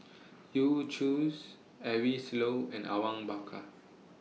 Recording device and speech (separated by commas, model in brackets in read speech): mobile phone (iPhone 6), read sentence